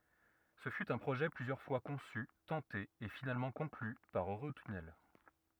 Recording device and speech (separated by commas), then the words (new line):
rigid in-ear microphone, read sentence
Ce fut un projet plusieurs fois conçu, tenté et finalement conclu par Eurotunnel.